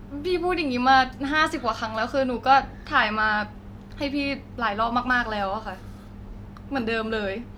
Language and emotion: Thai, frustrated